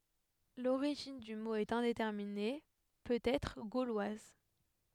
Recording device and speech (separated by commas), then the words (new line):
headset microphone, read sentence
L'origine du mot est indéterminée, peut-être gauloise.